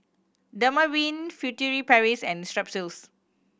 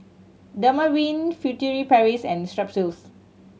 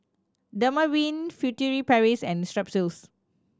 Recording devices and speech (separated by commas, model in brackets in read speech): boundary microphone (BM630), mobile phone (Samsung C7100), standing microphone (AKG C214), read sentence